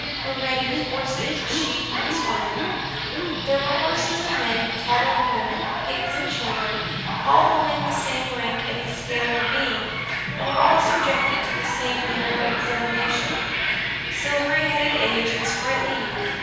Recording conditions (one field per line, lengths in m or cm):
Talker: one person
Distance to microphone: 7.1 m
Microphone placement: far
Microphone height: 1.7 m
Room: very reverberant, large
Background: television